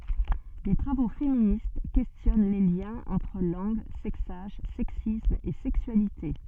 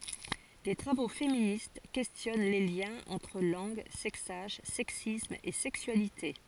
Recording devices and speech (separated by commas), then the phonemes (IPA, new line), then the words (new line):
soft in-ear microphone, forehead accelerometer, read sentence
de tʁavo feminist kɛstjɔn le ljɛ̃z ɑ̃tʁ lɑ̃ɡ sɛksaʒ sɛksism e sɛksyalite
Des travaux féministes questionnent les liens entre langue, sexage, sexisme et sexualité.